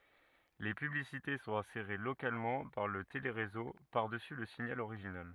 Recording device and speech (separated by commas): rigid in-ear microphone, read sentence